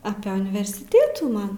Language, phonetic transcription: Lithuanian, apė universiˈtėtų ˈman

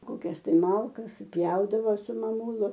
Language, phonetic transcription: Lithuanian, koˈkias tai ˈmalkas suˈpjaudavo su maˈmūlu

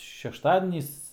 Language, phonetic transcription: Lithuanian, šešˈtadenys

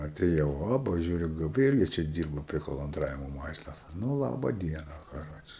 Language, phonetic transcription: Lithuanian, atėˈjau ˈoba ˈžiūriu gaˈbrielė ˈčia ˈdyrba prie kolonˈdravimo ˈmašinos ˈnu ˈlaba ˈdiena kaˈroče

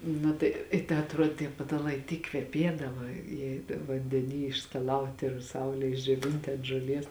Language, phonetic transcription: Lithuanian, ˈnu tai i ta atˈruodė tie pataˈlai ˈtyk kveˈpiedava jie vandeˈny išskaˈlauti ir ˈsaulėj išdžioˈvinti ant žoˈlies

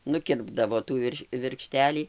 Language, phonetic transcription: Lithuanian, nuˈkirpdavo ˈtų virš virkˈštelį

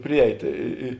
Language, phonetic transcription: Lithuanian, ˈpriˌeit i i i

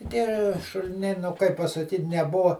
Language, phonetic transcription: Lithuanian, tie šuliˈniai nu ˈkaip pasaˈkyt' neˈbuva

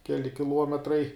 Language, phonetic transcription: Lithuanian, ˈkeli kiˈluometrai

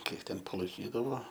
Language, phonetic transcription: Lithuanian, ˈkiek ˈten palaiˈkydavo

